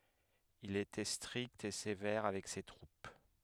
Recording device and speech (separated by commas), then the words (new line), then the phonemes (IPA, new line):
headset microphone, read sentence
Il était strict et sévère avec ses troupes.
il etɛ stʁikt e sevɛʁ avɛk se tʁup